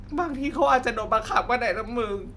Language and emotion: Thai, sad